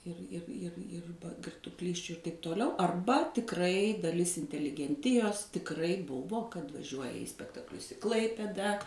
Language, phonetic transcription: Lithuanian, ˈir ˈir ˈir ˈir girtuoˈklysčiu ir taip toˈliau arˈba tikˈrai daˈlis inteligenˈtijos tikˈrai ˈbuvo kad vaˈžiuoja į spektakˈlius i ˈklaipėda

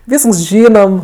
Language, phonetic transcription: Lithuanian, ˈvysks ˈžynom

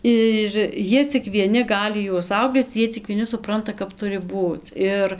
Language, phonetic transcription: Lithuanian, ir ˈjie cik vieˈni ˈgali juos ˈsau bet ˈjie cik vieˈni suˈpranta kap ˈturi ˈbūc ˈir

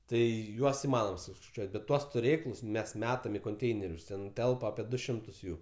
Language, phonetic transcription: Lithuanian, ˈtai ˈjuos iˈmanom suskaiˈčiuot' bet ˈtuos tuˈrėklus ˈmes ˈmetam i konˈteinerius ˈten ˈtelpa apie ˈdu ˈšimtus ˈjų

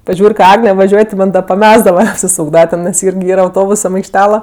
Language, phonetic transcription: Lithuanian, paˈžiūr' ka ˈagne vaˈžiuoj ti ˈman' da paˈmesdava apsiˈsūkdava nes ten ˈirgi ˈyra auˈtobusam aikšˈtela

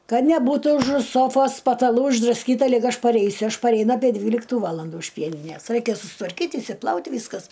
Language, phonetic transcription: Lithuanian, ˈkad neˈbūtu užu ˈsofos pataˈlų išdraˈskyta ˈlig ˈaš paˈreisiu ˈaš pareiˈna apie ˈdvyliktu ˈvalandu iš ˈpieninės ˈraikia sustvarˈkyt' išsiˈplaut' ˈvyskas

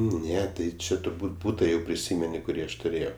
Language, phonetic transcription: Lithuanian, ˈne tai ˈčia turˈbūt' ˈbūta jau priˈsymeni kuˈrį aš tuˈrėjau

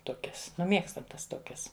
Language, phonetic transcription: Lithuanian, ˈtokias nu ˈmiegstam ˈtas ˈtokias

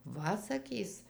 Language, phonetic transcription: Lithuanian, ˈva saˈkys

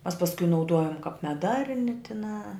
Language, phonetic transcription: Lithuanian, mas pasˈku nauˈduojum kap meˈdarni tiˈnā

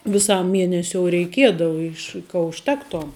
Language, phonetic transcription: Lithuanian, viˈsam ˈmienesiou reiˈkiedava ˈiš ka užˈtektom

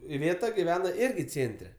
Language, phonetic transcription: Lithuanian, iˈvėta giˈvena ˈirgi ˈcėntre

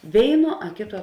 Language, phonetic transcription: Lithuanian, ˈvėiˌnuo a ˈkėˌtuo

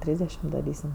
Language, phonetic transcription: Lithuanian, ˈtrysdešim daˈrysim

